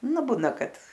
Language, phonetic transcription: Lithuanian, ˈnu ˈbūna ˈkad

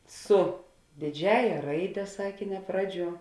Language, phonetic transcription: Lithuanian, ˈsu dėˈdžiąja ˈraide ˈsakėne ˈpraˌdžiuo

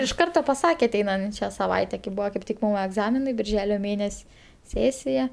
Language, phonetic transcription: Lithuanian, iš ˈkarto paˈsake aˈteinančia saˈvaite kai ˈbuvo kaip ˈtik ˈmum egˈzaminai birˈželio ˈmėnes' ˈsėsija

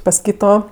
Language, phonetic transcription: Lithuanian, pas ˈkyto

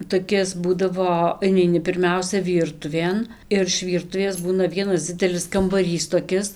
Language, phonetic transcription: Lithuanian, toˈkis ˈbūdavo ineiˈni pirˈmiausia ˈvyrtuvėn ir iš ˈvyrtuvės ˈbūna ˈvienas ˈdzidelis kambaˈrys toˈkis

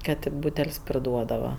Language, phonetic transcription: Lithuanian, ˈkad tė ˈbūtel's' priˈduodava

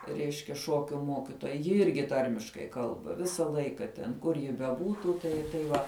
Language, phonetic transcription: Lithuanian, ˈreiškia ˈšokiu ˈmokitoja ji ˈirgi ˈtarmiškai ˈkalba ˈvisa ˈlaika ten ˈkur ji beˈbūtų ˈtai tai ˈva

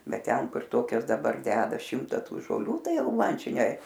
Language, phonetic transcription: Lithuanian, ˈbet ˈten ˈkur ˈtokias daˈbar ˈdeda ˈšimta ˈtų žoˈlių ˈtai ˈjau ˈman ˈčia ne

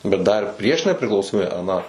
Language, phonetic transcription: Lithuanian, bet dar ˈprieš nepriklausoˈmybe aˈną

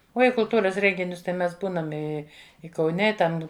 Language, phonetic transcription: Lithuanian, ˈuo i kulˈtūras ˈrenginius tai ˈmes ˈbūnam ˈi i kauˈne i ˈtam

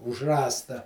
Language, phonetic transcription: Lithuanian, už ˈrąsta

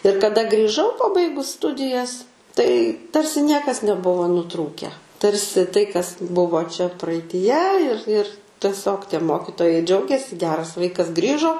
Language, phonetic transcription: Lithuanian, ir kaˈda grįˈžau paˈbaigus ˈstudijas tai ˈtarsi ˈniekas neˈbuvo nuˈtrūkę ˈtarsi tai kas ˈbuvo čia praaityˈje ir ir teˈsiog tie ˈmokitojai ˈdžiaugėsi gˈeras ˈvaikas ˈgrįžo

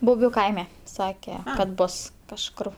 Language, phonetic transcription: Lithuanian, buˈbių ˈkaime ˈsake kad ˈbos kažˈkur

